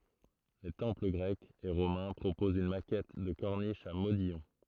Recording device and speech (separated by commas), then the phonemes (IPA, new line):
throat microphone, read sentence
le tɑ̃pl ɡʁɛkz e ʁomɛ̃ pʁopozt yn makɛt də kɔʁniʃ a modijɔ̃